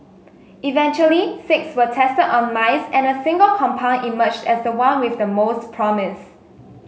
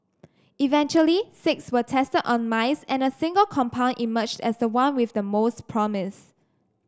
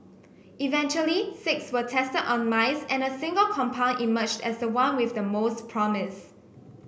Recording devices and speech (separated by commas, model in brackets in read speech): mobile phone (Samsung S8), standing microphone (AKG C214), boundary microphone (BM630), read sentence